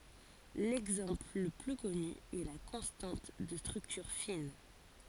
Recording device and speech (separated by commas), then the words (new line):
forehead accelerometer, read sentence
L'exemple le plus connu est la constante de structure fine.